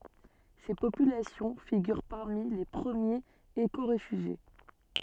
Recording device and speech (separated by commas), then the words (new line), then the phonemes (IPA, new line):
soft in-ear microphone, read sentence
Ces populations figurent parmi les premiers écoréfugiés.
se popylasjɔ̃ fiɡyʁ paʁmi le pʁəmjez ekoʁefyʒje